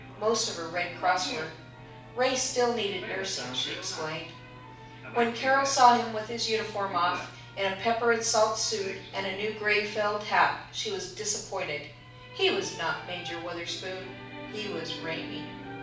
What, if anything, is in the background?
A television.